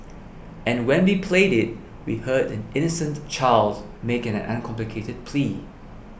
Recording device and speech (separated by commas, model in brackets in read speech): boundary microphone (BM630), read sentence